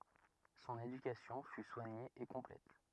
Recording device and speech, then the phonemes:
rigid in-ear microphone, read sentence
sɔ̃n edykasjɔ̃ fy swaɲe e kɔ̃plɛt

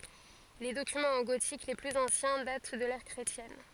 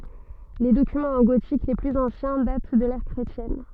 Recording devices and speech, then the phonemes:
forehead accelerometer, soft in-ear microphone, read sentence
le dokymɑ̃z ɑ̃ ɡotik le plyz ɑ̃sjɛ̃ dat dy də lɛʁ kʁetjɛn

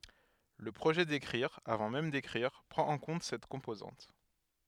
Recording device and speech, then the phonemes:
headset microphone, read sentence
lə pʁoʒɛ dekʁiʁ avɑ̃ mɛm dekʁiʁ pʁɑ̃t ɑ̃ kɔ̃t sɛt kɔ̃pozɑ̃t

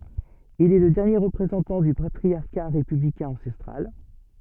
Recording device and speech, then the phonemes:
soft in-ear microphone, read sentence
il ɛ lə dɛʁnje ʁəpʁezɑ̃tɑ̃ dy patʁisja ʁepyblikɛ̃ ɑ̃sɛstʁal

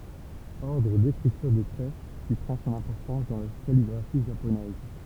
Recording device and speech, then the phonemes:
temple vibration pickup, read sentence
ɔʁdʁ dekʁityʁ de tʁɛ ki pʁɑ̃ sɔ̃n ɛ̃pɔʁtɑ̃s dɑ̃ la kaliɡʁafi ʒaponɛz

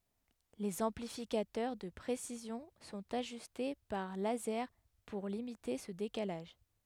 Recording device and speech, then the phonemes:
headset microphone, read sentence
lez ɑ̃plifikatœʁ də pʁesizjɔ̃ sɔ̃t aʒyste paʁ lazɛʁ puʁ limite sə dekalaʒ

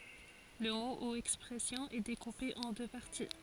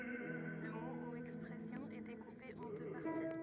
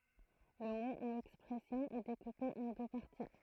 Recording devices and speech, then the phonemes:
forehead accelerometer, rigid in-ear microphone, throat microphone, read sentence
lə mo u ɛkspʁɛsjɔ̃ ɛ dekupe ɑ̃ dø paʁti

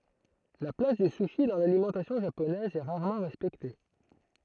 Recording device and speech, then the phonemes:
throat microphone, read sentence
la plas dy suʃi dɑ̃ lalimɑ̃tasjɔ̃ ʒaponɛz ɛ ʁaʁmɑ̃ ʁɛspɛkte

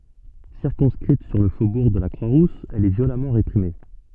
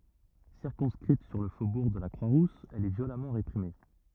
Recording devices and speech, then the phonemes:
soft in-ear microphone, rigid in-ear microphone, read sentence
siʁkɔ̃skʁit syʁ lə fobuʁ də la kʁwa ʁus ɛl ɛ vjolamɑ̃ ʁepʁime

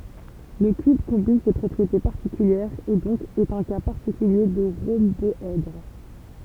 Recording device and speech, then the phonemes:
temple vibration pickup, read sentence
lə kyb kɔ̃bin se pʁɔpʁiete paʁtikyljɛʁz e dɔ̃k ɛt œ̃ ka paʁtikylje də ʁɔ̃bɔɛdʁ

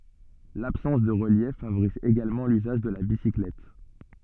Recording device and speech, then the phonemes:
soft in-ear microphone, read sentence
labsɑ̃s də ʁəljɛf favoʁiz eɡalmɑ̃ lyzaʒ də la bisiklɛt

